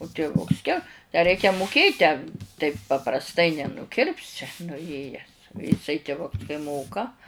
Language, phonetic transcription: Lithuanian, u tiˈvuks ke tę ˈreikia muˈkėt tę taip paprasˈtai nenuˈkirpsi nuˈjėjęs jiˈsai tiˈvuks kai ˈmoka

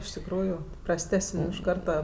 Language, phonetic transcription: Lithuanian, iš tikˈrųjų prasˈtesən' iš ˈkarta

